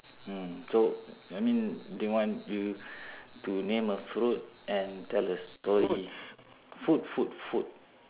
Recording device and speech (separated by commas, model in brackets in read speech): telephone, conversation in separate rooms